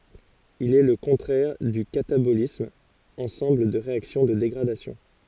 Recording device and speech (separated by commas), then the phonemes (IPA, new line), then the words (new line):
forehead accelerometer, read sentence
il ɛ lə kɔ̃tʁɛʁ dy katabolism ɑ̃sɑ̃bl de ʁeaksjɔ̃ də deɡʁadasjɔ̃
Il est le contraire du catabolisme, ensemble des réactions de dégradation.